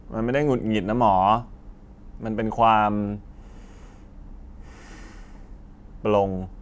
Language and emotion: Thai, frustrated